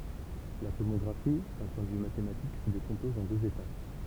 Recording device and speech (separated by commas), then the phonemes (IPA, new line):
temple vibration pickup, read sentence
la tomɔɡʁafi dœ̃ pwɛ̃ də vy matematik sə dekɔ̃pɔz ɑ̃ døz etap